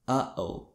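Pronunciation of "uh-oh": There is a sudden, split-second pause in 'uh-oh'.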